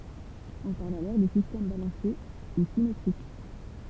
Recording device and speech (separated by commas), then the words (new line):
temple vibration pickup, read sentence
On parle alors de système balancé ou symétrique.